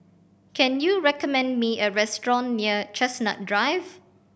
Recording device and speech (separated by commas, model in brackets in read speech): boundary microphone (BM630), read sentence